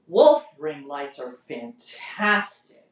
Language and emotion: English, disgusted